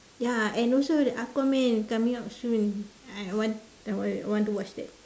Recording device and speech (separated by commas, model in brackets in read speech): standing microphone, conversation in separate rooms